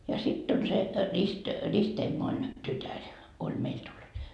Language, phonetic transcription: Finnish, ja 'sitt ‿on se , rist- , 'ristemmoin , 'tytär , oĺ 'meil tullut .
- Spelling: ja sitten on se - ristiemoni tytär oli meille tullut

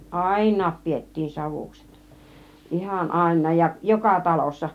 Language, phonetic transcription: Finnish, àin̆naap 'piettiin 'savuksEt , "ihan "àin̆naaj ja , "joka 'talossa .
- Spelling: ainakin pidettiin savukset ihan ainakin ja joka talossa

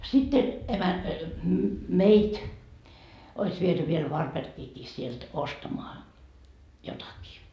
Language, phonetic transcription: Finnish, sitte , emän- , "meit́ , ois viety viel 'Varperkiikii sielt 'ostamoa , jotakii .
- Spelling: sitten - meitä olisi viety vielä Varbergiinkin sieltä ostamaan jotakin

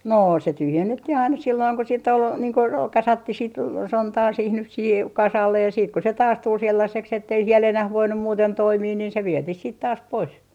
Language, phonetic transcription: Finnish, 'noo se 'tyhjennettih ‿aina silloiŋ ko siitt ‿ol , niiŋ ko roo- , 'kasattih sit , "sontaa siih nyh siihe , kasallej ja ja siit ko se "taas 'tul 'sellaseks ettei siel enäh 'voinnu muuten 'toimii niin se "vietih siit taas 'pois .
- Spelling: no se tyhjennettiin aina silloin kun sitten oli niin kuin - kasattiin sitten sontaa siihen nyt siihen kasalle ja ja sitten kun se taas tuli sellaiseksi että ei siellä enää voinut muuten toimia niin se vietiin sitten taas pois

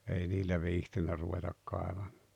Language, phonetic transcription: Finnish, ei 'niillä 'viihtinnä ruvetak 'kaevam[aan] .
- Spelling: ei niillä viitsinyt ruveta kaivamaan

